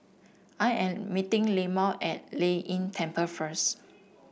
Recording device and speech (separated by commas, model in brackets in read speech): boundary microphone (BM630), read sentence